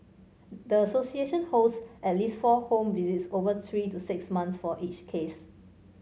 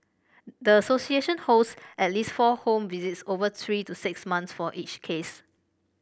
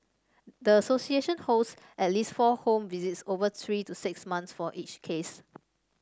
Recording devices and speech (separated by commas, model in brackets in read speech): mobile phone (Samsung C5), boundary microphone (BM630), standing microphone (AKG C214), read sentence